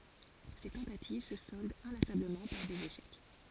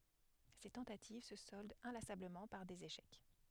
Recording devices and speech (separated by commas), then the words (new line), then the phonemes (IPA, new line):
forehead accelerometer, headset microphone, read sentence
Ses tentatives se soldent inlassablement par des échecs.
se tɑ̃tativ sə sɔldt ɛ̃lasabləmɑ̃ paʁ dez eʃɛk